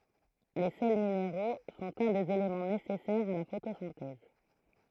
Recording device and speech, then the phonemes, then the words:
throat microphone, read sentence
le sɛl mineʁo sɔ̃t œ̃ dez elemɑ̃ nesɛsɛʁz a la fotosɛ̃tɛz
Les sels minéraux sont un des éléments nécessaires à la photosynthèse.

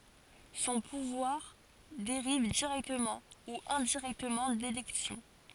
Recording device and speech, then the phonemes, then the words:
forehead accelerometer, read sentence
sɔ̃ puvwaʁ deʁiv diʁɛktəmɑ̃ u ɛ̃diʁɛktəmɑ̃ delɛksjɔ̃
Son pouvoir dérive directement ou indirectement d'élections.

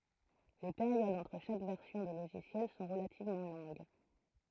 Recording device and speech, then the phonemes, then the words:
throat microphone, read sentence
le peʁjodz ɑ̃tʁ ʃak vɛʁsjɔ̃ də loʒisjɛl sɔ̃ ʁəlativmɑ̃ lɔ̃ɡ
Les périodes entre chaque version de logiciel sont relativement longues.

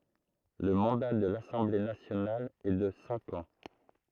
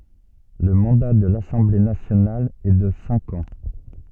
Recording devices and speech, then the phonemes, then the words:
throat microphone, soft in-ear microphone, read sentence
lə mɑ̃da də lasɑ̃ble nasjonal ɛ də sɛ̃k ɑ̃
Le mandat de l'Assemblée nationale est de cinq ans.

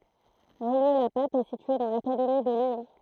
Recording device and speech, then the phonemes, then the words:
throat microphone, read sentence
ʁijjø la pap ɛ sitye dɑ̃ lakademi də ljɔ̃
Rillieux-la-Pape est située dans l'académie de Lyon.

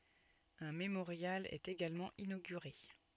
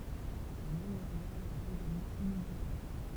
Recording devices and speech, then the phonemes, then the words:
soft in-ear microphone, temple vibration pickup, read sentence
œ̃ memoʁjal ɛt eɡalmɑ̃ inoɡyʁe
Un mémorial est également inauguré.

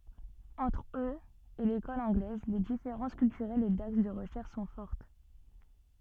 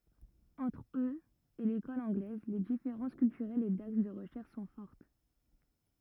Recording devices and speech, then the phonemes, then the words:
soft in-ear microphone, rigid in-ear microphone, read sentence
ɑ̃tʁ øz e lekɔl ɑ̃ɡlɛz le difeʁɑ̃s kyltyʁɛlz e daks də ʁəʃɛʁʃ sɔ̃ fɔʁt
Entre eux et l'école anglaise, les différences culturelles et d'axes de recherche sont fortes.

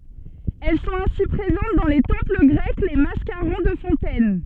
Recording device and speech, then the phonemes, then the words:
soft in-ear microphone, read sentence
ɛl sɔ̃t ɛ̃si pʁezɑ̃t dɑ̃ le tɑ̃pl ɡʁɛk le maskaʁɔ̃ də fɔ̃tɛn
Elles sont ainsi présentes dans les temples grecs, les mascarons de fontaines.

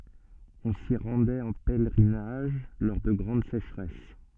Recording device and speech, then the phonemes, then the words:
soft in-ear microphone, read sentence
ɔ̃ si ʁɑ̃dɛt ɑ̃ pɛlʁinaʒ lɔʁ də ɡʁɑ̃d seʃʁɛs
On s'y rendait en pèlerinage lors de grandes sécheresses.

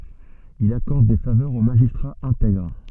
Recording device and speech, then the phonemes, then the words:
soft in-ear microphone, read sentence
il akɔʁd de favœʁz o maʒistʁaz ɛ̃tɛɡʁ
Il accorde des faveurs aux magistrats intègres.

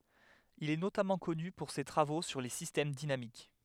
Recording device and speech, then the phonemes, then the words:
headset microphone, read sentence
il ɛ notamɑ̃ kɔny puʁ se tʁavo syʁ le sistɛm dinamik
Il est notamment connu pour ses travaux sur les systèmes dynamiques.

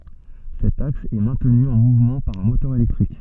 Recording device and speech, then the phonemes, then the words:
soft in-ear microphone, read sentence
sɛt aks ɛ mɛ̃tny ɑ̃ muvmɑ̃ paʁ œ̃ motœʁ elɛktʁik
Cet axe est maintenu en mouvement par un moteur électrique.

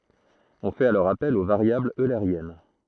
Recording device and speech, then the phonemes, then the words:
throat microphone, read sentence
ɔ̃ fɛt alɔʁ apɛl o vaʁjablz øleʁjɛn
On fait alors appel aux variables eulériennes.

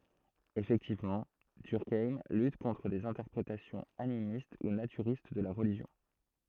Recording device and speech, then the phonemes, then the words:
throat microphone, read sentence
efɛktivmɑ̃ dyʁkajm lyt kɔ̃tʁ dez ɛ̃tɛʁpʁetasjɔ̃z animist u natyʁist də la ʁəliʒjɔ̃
Effectivement, Durkheim lutte contre des interprétations animistes ou naturistes de la religion.

